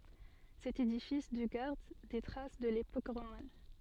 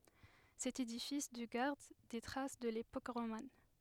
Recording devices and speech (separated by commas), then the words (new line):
soft in-ear microphone, headset microphone, read sentence
Cet édifice du garde des traces de l'époque romane.